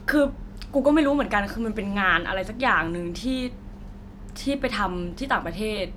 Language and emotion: Thai, neutral